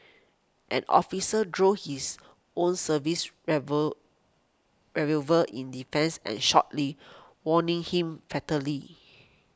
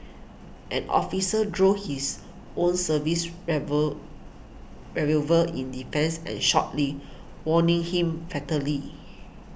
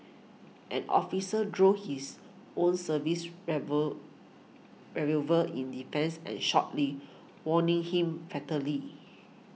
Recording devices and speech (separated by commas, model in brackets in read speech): close-talking microphone (WH20), boundary microphone (BM630), mobile phone (iPhone 6), read sentence